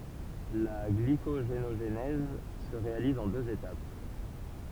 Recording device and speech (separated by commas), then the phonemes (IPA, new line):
temple vibration pickup, read sentence
la ɡlikoʒenoʒnɛz sə ʁealiz ɑ̃ døz etap